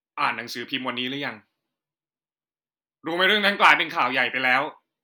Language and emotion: Thai, frustrated